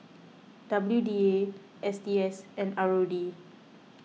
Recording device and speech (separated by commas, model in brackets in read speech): mobile phone (iPhone 6), read sentence